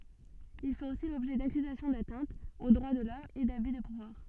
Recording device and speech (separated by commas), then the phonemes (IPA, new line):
soft in-ear microphone, read sentence
il fɛt osi lɔbʒɛ dakyzasjɔ̃ datɛ̃tz o dʁwa də lɔm e daby də puvwaʁ